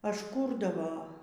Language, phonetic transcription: Lithuanian, ažˈkūrdavo

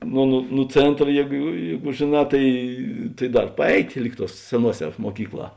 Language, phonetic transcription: Lithuanian, nu nu nu ˈcėntra ˈjėgu ˈjėgu žėˈnā ˈtai tai ˈdar paˈeit' ˈlyg ˌtuos seˈnuoˌsē muoˈkykˌlā

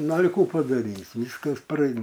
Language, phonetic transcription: Lithuanian, ˈnu al' ˈkų padaˈrys' ˈvyskas praˈein

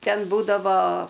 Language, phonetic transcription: Lithuanian, ˈten ˈbūdavo

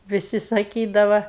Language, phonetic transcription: Lithuanian, viˈsi saˈkydava

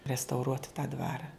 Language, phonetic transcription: Lithuanian, restauˈruot tą ˈdvara

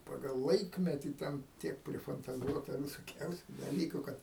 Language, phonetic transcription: Lithuanian, ˈpagal ˈlaikmetį ˈten ˈtiek prifantaˈzuota visoˈkiausiu daˈlyku ˈkad

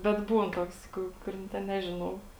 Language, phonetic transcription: Lithuanian, bet ˈbūn ˈtoks ˈku kuˈrin ten ˈnežiˌnau

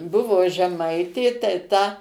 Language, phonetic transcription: Lithuanian, ˈbuvo žeˈmaitė tai ˈta

